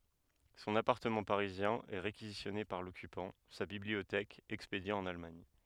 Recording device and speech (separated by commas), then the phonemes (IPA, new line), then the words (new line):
headset microphone, read sentence
sɔ̃n apaʁtəmɑ̃ paʁizjɛ̃ ɛ ʁekizisjɔne paʁ lɔkypɑ̃ sa bibliotɛk ɛkspedje ɑ̃n almaɲ
Son appartement parisien est réquisitionné par l'occupant, sa bibliothèque expédiée en Allemagne.